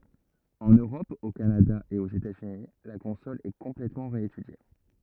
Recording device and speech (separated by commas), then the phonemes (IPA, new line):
rigid in-ear microphone, read sentence
ɑ̃n øʁɔp o kanada e oz etazyni la kɔ̃sɔl ɛ kɔ̃plɛtmɑ̃ ʁeetydje